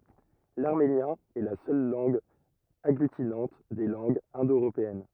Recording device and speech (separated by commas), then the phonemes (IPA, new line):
rigid in-ear microphone, read sentence
laʁmenjɛ̃ ɛ la sœl lɑ̃ɡ aɡlytinɑ̃t de lɑ̃ɡz ɛ̃do øʁopeɛn